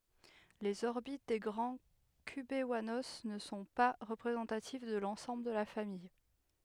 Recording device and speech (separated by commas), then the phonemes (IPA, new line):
headset microphone, read sentence
lez ɔʁbit de ɡʁɑ̃ kybwano nə sɔ̃ pa ʁəpʁezɑ̃tativ də lɑ̃sɑ̃bl də la famij